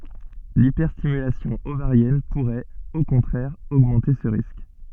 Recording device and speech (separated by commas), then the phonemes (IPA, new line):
soft in-ear microphone, read sentence
lipɛʁstimylasjɔ̃ ovaʁjɛn puʁɛt o kɔ̃tʁɛʁ oɡmɑ̃te sə ʁisk